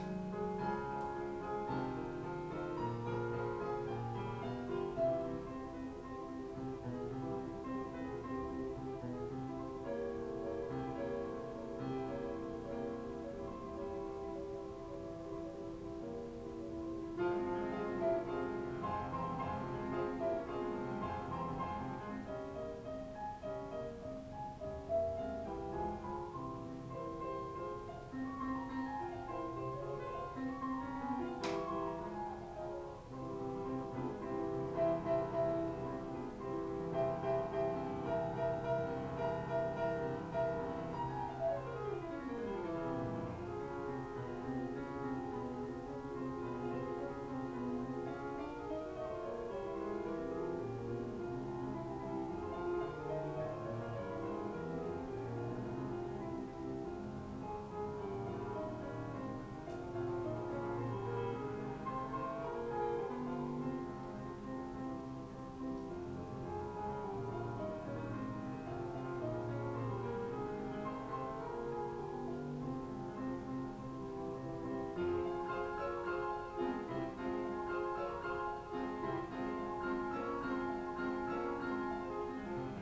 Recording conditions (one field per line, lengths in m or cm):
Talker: no one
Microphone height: 2.7 m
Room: small (3.7 m by 2.7 m)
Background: music